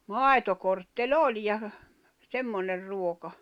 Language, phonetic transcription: Finnish, màitokortte"ĺ ‿oĺ ja , 'semmoner ruoka .
- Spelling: maitokortteli oli ja semmoinen ruoka

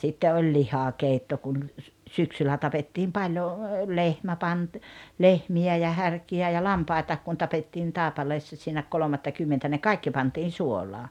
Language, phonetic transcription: Finnish, sitte oĺ 'lihakeitto kun ‿l- , 'syksyllä 'tapettiim paljo , 'lehmä pant- , "lehmi₍ä ja 'härki₍ä ja "lampai̬taak kun 'tapettiin "Tàepaleessa siinä 'kolomattakymmentä ne "kaikki pantiin "suol̀aa .
- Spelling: sitten oli lihakeitto kun - syksyllä tapettiin paljon lehmä - lehmiä ja härkiä ja lampaitakin kun tapettiin Taipaleessa siinä kolmattakymmentä ne kaikki pantiin suolaan

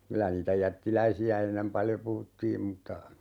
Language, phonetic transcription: Finnish, 'kylä niitä 'jättiläisi₍ä 'ennem "paljo 'puhuttiim m̥tta ,.
- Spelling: kyllä niitä jättiläisiä ennen paljon puhuttiin mutta

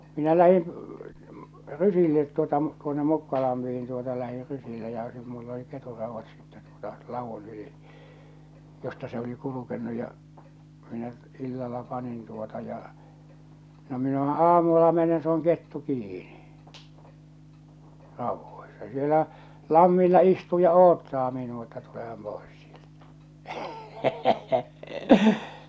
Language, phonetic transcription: Finnish, 'minä 'lähin , 'rysillet tuota tuonne 'Mukkalampihin tuota lähir 'rysille ja sit- mull ‿oli 'keturrauvvat sitte tuota 'lavun 'yli , josta se oli 'kulukennu ja , minä , 'illalla 'panin tuota ja , no minähᴀ̈ 'aamulla 'menen se ‿oŋ 'kettu 'kiini , 'rauvvoisᴀ , sielä , 'lammilla 'istuu ja "oottaa minua että tuleham 'pòes sɪᴇʟtᴀ̈ .
- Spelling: minä lähdin rysille tuota tuonne Mukkalampeen tuota lähdin rysille ja - minulla oli ketunraudat sitten tuota ladun yli josta se oli kulkenut ja minä illalla panin tuota ja no minähän aamulla menen se on kettu kiinni raudoissa siellä lammilla istuu ja odottaa minua että tulehan pois sieltä

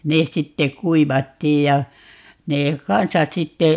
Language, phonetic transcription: Finnish, 'nes 'sitte "kuivattiij ja , 'nee "kansas 'sitte ,.
- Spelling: ne sitten kuivattiin ja ne kanssa sitten

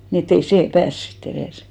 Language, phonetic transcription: Finnish, ni et't ‿ei "see "pääs sit't ‿erès .
- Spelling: niin että ei se pääse sitten edes

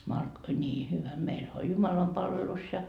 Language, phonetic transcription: Finnish, Mark- , 'ńii hyvä 'meilhä oĺ 'jumalampalvelus ja .
- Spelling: - niin hyvä meillähän oli jumalanpalvelus ja

